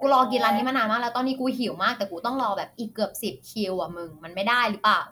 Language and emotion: Thai, frustrated